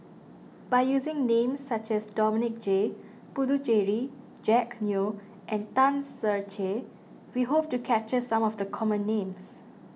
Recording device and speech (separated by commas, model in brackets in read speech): mobile phone (iPhone 6), read sentence